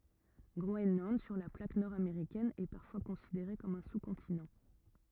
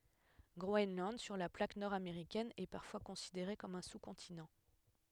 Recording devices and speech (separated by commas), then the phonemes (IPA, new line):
rigid in-ear microphone, headset microphone, read sentence
ɡʁoɛnlɑ̃d syʁ la plak nɔʁ ameʁikɛn ɛ paʁfwa kɔ̃sideʁe kɔm œ̃ su kɔ̃tinɑ̃